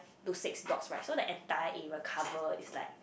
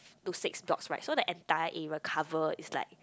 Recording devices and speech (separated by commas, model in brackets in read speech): boundary microphone, close-talking microphone, conversation in the same room